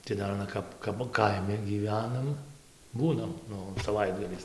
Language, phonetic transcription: Lithuanian, tai ˈdar aˈna kap kap ˈkaimi gyˈvenam ˈbūnam ˈnu saˈvaitgaliais

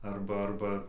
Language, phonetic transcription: Lithuanian, ˈarba ˈarba

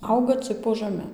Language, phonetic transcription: Lithuanian, ˈauga cɨk po žaˈme

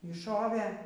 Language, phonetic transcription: Lithuanian, y ˈšovė

